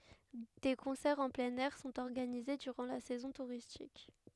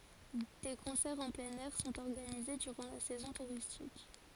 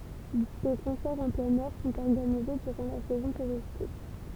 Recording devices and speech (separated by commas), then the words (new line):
headset microphone, forehead accelerometer, temple vibration pickup, read sentence
Des concerts en plein air sont organisés durant la saison touristique.